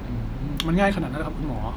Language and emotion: Thai, neutral